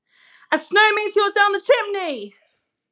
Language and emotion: English, sad